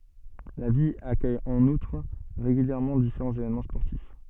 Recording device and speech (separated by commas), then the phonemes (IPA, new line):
soft in-ear microphone, read sentence
la vil akœj ɑ̃n utʁ ʁeɡyljɛʁmɑ̃ difeʁɑ̃z evenmɑ̃ spɔʁtif